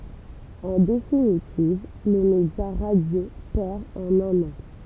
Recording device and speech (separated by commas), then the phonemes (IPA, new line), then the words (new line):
temple vibration pickup, read sentence
ɑ̃ definitiv lə medja ʁadjo pɛʁ ɑ̃n œ̃n ɑ̃
En définitive, le média radio perd en un an.